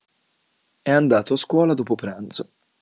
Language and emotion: Italian, neutral